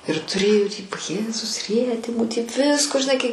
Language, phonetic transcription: Lithuanian, ir tuˈrėju tį va ˈjėzus ˈrietimu tiek ˈvisko žiˈnai kai

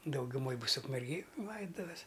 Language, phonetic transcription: Lithuanian, daugiuˈmoj ˈbus ukmergėj ˈlaidutuves

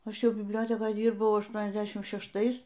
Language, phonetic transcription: Lithuanian, ˈaš ˈjau bibˈliotekoj ˈdyrbau ašˈtuoniasˌdešim šešˈtais

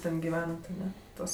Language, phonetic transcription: Lithuanian, ˈten giˈvenat aˈne ˈtuos

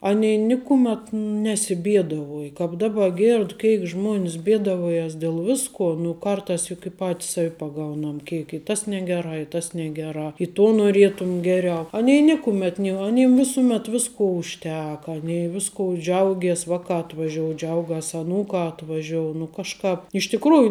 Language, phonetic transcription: Lithuanian, ˈani ˈnikumet nesiˈbiedavuoj kāp ˈdaba ˈgėrd ˈkeik ˈžmuon's ˈbėdavojas dėl ˈviskuo nu ˈkartās juk i ˈpatis ˈsav' paˈgaunam ˈkeik i ˈtas ˈnegeˌrā i tas ˈnegeˌrā i tuo noˈrietum ˈgeˌriau aˈni ˈnikumet ni aˈnim ˈvisumet ˈvisko užˈteka aˈnei ˈviskou ˈdžiaugies ˈvaˌkā atvaˈžiou ˈdžiaugas aˈnūkā atvaˈžiou nu kažˈkāp iš tiˈkrųju

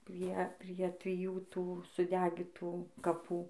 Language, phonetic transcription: Lithuanian, ˈprie prie triˈjų ˈtų suˈdegitų kaˈpų

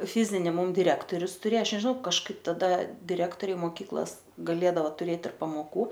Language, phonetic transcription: Lithuanian, ˈfizini ˈmum diˈrektorius tuˈrė ˈaš nežiˈnau kažˈkaip taˈda diˈrektoriai moˈkyklos gaˈlėdao tuˈrėt ir pamoˈkų

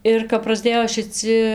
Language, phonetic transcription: Lithuanian, ir kap prasˈdėjo šiˈci

